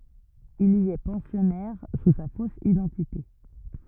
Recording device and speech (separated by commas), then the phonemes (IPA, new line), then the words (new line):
rigid in-ear microphone, read sentence
il i ɛ pɑ̃sjɔnɛʁ su sa fos idɑ̃tite
Il y est pensionnaire sous sa fausse identité.